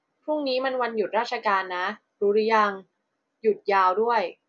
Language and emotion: Thai, neutral